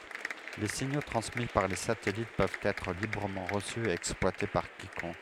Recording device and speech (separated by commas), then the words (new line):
headset microphone, read sentence
Les signaux transmis par les satellites peuvent être librement reçus et exploités par quiconque.